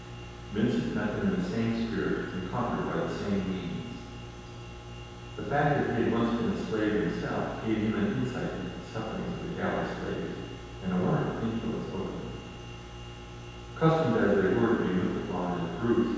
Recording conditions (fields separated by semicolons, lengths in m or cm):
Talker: one person; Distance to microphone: 7.1 m; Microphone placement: far; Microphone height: 1.7 m; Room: very reverberant, large; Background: none